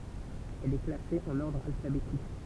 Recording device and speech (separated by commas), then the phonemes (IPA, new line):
temple vibration pickup, read sentence
ɛl ɛ klase ɑ̃n ɔʁdʁ alfabetik